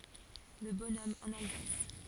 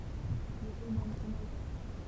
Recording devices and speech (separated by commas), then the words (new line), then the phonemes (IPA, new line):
forehead accelerometer, temple vibration pickup, read sentence
Le bonhomme en Alsace.
lə bɔnɔm ɑ̃n alzas